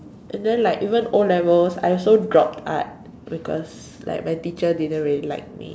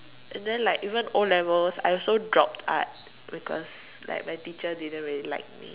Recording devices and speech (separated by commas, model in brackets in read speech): standing microphone, telephone, conversation in separate rooms